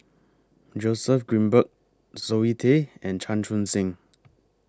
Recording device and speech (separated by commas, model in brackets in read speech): close-talking microphone (WH20), read sentence